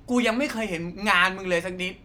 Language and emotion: Thai, angry